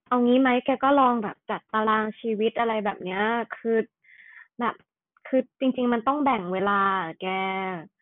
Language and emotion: Thai, neutral